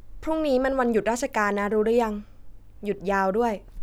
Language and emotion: Thai, neutral